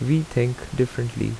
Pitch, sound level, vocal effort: 125 Hz, 78 dB SPL, normal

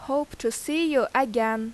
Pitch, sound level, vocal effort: 260 Hz, 86 dB SPL, loud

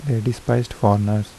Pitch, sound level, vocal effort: 110 Hz, 78 dB SPL, soft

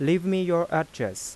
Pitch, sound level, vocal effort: 170 Hz, 88 dB SPL, soft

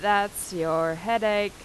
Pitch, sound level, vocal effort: 205 Hz, 90 dB SPL, loud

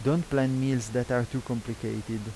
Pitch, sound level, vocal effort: 125 Hz, 83 dB SPL, normal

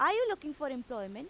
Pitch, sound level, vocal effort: 290 Hz, 95 dB SPL, loud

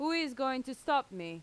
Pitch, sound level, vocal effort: 265 Hz, 92 dB SPL, loud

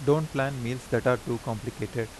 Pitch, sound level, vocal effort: 120 Hz, 85 dB SPL, normal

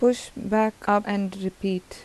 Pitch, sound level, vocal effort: 205 Hz, 81 dB SPL, soft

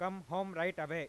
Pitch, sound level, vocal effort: 175 Hz, 99 dB SPL, very loud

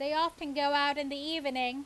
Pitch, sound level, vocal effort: 285 Hz, 94 dB SPL, very loud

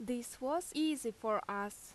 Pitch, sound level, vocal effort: 235 Hz, 85 dB SPL, loud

